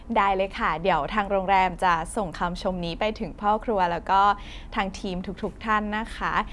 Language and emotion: Thai, happy